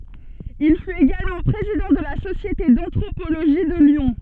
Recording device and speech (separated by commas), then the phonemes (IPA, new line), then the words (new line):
soft in-ear microphone, read sentence
il fyt eɡalmɑ̃ pʁezidɑ̃ də la sosjete dɑ̃tʁopoloʒi də ljɔ̃
Il fut également président de la Société d'anthropologie de Lyon.